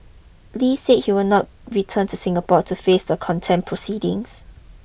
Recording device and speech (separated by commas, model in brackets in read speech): boundary microphone (BM630), read sentence